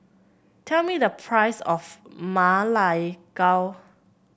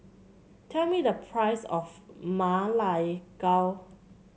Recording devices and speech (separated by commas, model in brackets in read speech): boundary microphone (BM630), mobile phone (Samsung C7), read sentence